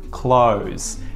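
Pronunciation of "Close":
The word 'clothes' is said with no th sound, so it sounds like 'close', as in closing a door.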